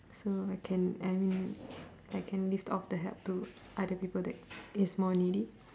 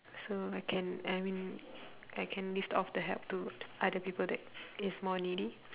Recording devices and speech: standing microphone, telephone, conversation in separate rooms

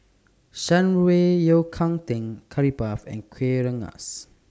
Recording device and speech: standing microphone (AKG C214), read sentence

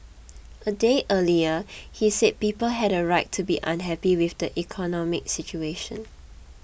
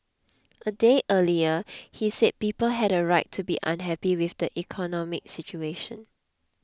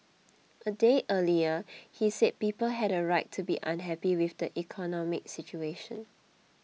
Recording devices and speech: boundary microphone (BM630), close-talking microphone (WH20), mobile phone (iPhone 6), read sentence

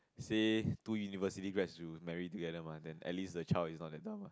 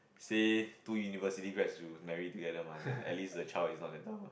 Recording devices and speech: close-talking microphone, boundary microphone, conversation in the same room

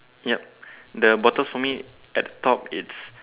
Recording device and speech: telephone, conversation in separate rooms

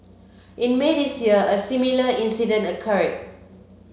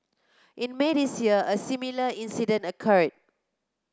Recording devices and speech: mobile phone (Samsung C7), close-talking microphone (WH30), read sentence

